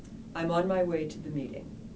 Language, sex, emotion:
English, female, neutral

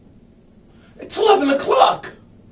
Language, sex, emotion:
English, male, fearful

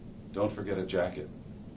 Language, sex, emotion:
English, male, neutral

